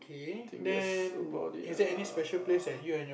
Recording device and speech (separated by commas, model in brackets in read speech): boundary microphone, conversation in the same room